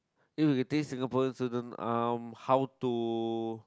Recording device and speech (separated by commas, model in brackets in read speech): close-talking microphone, conversation in the same room